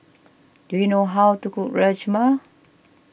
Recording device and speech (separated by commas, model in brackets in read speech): boundary microphone (BM630), read sentence